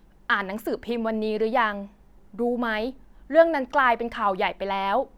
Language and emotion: Thai, neutral